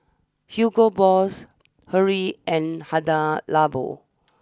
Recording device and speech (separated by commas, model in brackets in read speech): standing microphone (AKG C214), read sentence